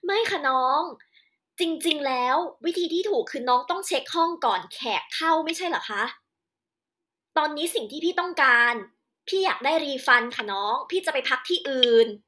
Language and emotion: Thai, angry